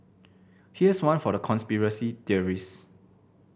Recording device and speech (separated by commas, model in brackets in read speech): boundary microphone (BM630), read sentence